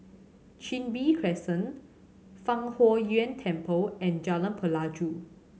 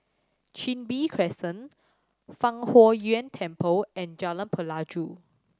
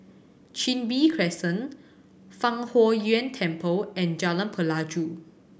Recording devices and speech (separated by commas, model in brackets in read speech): mobile phone (Samsung C7100), standing microphone (AKG C214), boundary microphone (BM630), read sentence